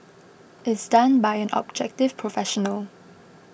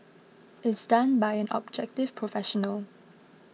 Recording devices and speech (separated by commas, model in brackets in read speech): boundary microphone (BM630), mobile phone (iPhone 6), read sentence